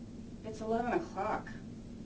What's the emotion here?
neutral